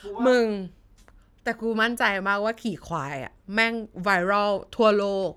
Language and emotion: Thai, happy